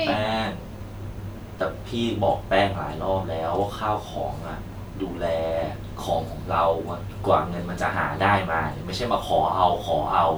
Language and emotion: Thai, frustrated